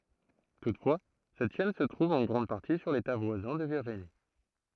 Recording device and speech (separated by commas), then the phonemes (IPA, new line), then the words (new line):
throat microphone, read sentence
tutfwa sɛt ʃɛn sə tʁuv ɑ̃ ɡʁɑ̃d paʁti syʁ leta vwazɛ̃ də viʁʒini
Toutefois, cette chaîne se trouve en grande partie sur l'État voisin de Virginie.